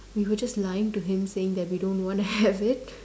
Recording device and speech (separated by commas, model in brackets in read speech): standing microphone, conversation in separate rooms